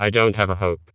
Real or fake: fake